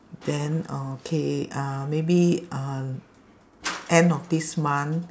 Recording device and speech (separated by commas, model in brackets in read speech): standing microphone, conversation in separate rooms